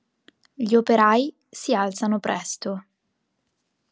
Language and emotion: Italian, neutral